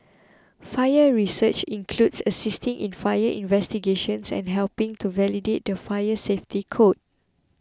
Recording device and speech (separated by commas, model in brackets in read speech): close-talking microphone (WH20), read sentence